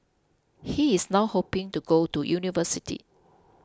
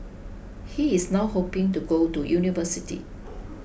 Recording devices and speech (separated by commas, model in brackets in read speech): close-talking microphone (WH20), boundary microphone (BM630), read sentence